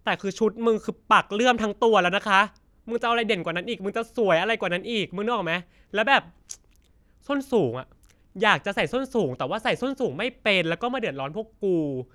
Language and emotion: Thai, frustrated